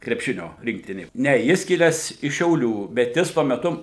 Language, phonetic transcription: Lithuanian, krepˈšinio ˈrinktinė ˈne ˈjis ˈkilęs iš šiauˈlių bet ˈjis tuo meˈtu

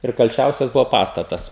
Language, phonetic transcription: Lithuanian, ir kalˈčiausias ˈbuvo ˈpastatas

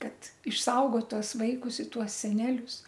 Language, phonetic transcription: Lithuanian, kad išˈsaugot ˈtuos ˈvaikus i ˈtuos seˈnelius

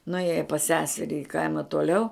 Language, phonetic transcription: Lithuanian, nuˈėja pas ˈseseri i ˈkaima tuoˈliau

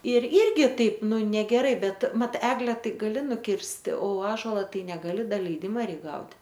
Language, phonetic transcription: Lithuanian, ir ˈirgi ˈtaip ˈnu negeˈrai ˈbet ˈmat ˈegle ˈtai gaˈli nuˈkirsti o ˈąžola ˈtai negaˈli ˈda leiˈdima ˈreik gaut'

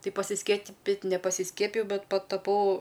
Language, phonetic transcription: Lithuanian, ˈtai pasiskieˈpit' nepasiˈskiepijau ˈbet pataˈpau

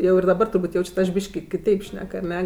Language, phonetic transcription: Lithuanian, jau ir daˈbar turˈbūt' ˈjaučiat aš ˈbyški kiˈteip ˈšnek aˈne

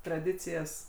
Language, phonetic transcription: Lithuanian, traˈdicijas

